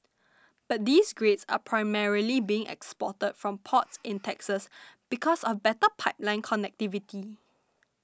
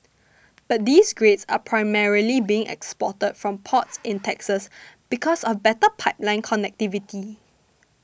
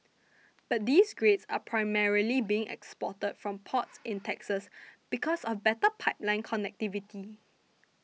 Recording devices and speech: standing microphone (AKG C214), boundary microphone (BM630), mobile phone (iPhone 6), read sentence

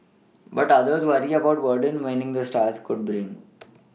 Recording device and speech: mobile phone (iPhone 6), read sentence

